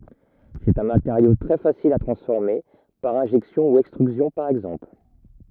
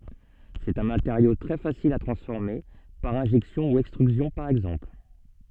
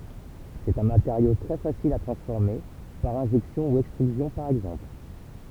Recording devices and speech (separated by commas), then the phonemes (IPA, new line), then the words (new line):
rigid in-ear microphone, soft in-ear microphone, temple vibration pickup, read sentence
sɛt œ̃ mateʁjo tʁɛ fasil a tʁɑ̃sfɔʁme paʁ ɛ̃ʒɛksjɔ̃ u ɛkstʁyzjɔ̃ paʁ ɛɡzɑ̃pl
C'est un matériau très facile à transformer, par injection ou extrusion par exemple.